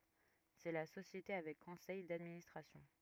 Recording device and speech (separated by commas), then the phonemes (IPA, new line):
rigid in-ear microphone, read sentence
sɛ la sosjete avɛk kɔ̃sɛj dadministʁasjɔ̃